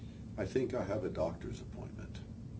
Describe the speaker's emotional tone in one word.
neutral